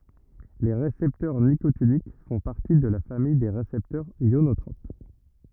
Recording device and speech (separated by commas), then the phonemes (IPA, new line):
rigid in-ear microphone, read sentence
le ʁesɛptœʁ nikotinik fɔ̃ paʁti də la famij de ʁesɛptœʁz jonotʁop